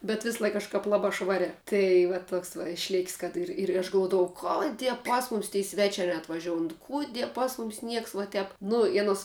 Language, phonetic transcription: Lithuanian, bet ˈvislaik kažˈkap ˈlabā ˈšvariā ˈtai va ˈtoks va išˈlėk's' kad ˈir ir aš galˈvuodavau ˈkoˌdie ˈpas muˌmis tei ˈsvečiā neatvaˈžioun ˈkudie ˈpas mum's' ˈnieks vuo ˈtep ˈnu i aˈnos

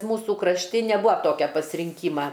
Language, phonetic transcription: Lithuanian, ˈmūsų krašˈti neˈbūa ˈtokia pasrinˈkyma

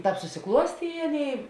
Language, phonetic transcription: Lithuanian, ˈtāp susiˈkluostė i ˈaˌnėi

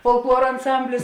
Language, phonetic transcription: Lithuanian, folˈkluora anˈsamblis

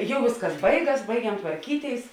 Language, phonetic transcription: Lithuanian, ˈjau ˈvėsˌkas ˈbaiˌgas ˈbaigiam tvarˈkyˌtėis

